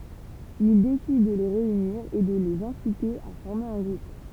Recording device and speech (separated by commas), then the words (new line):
temple vibration pickup, read sentence
Il décide de les réunir et de les inciter à former un groupe.